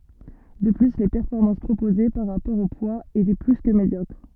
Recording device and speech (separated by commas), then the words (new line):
soft in-ear microphone, read sentence
De plus, les performances proposées, par rapport au poids étaient plus que médiocres.